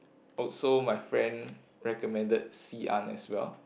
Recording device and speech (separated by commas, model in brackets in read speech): boundary microphone, conversation in the same room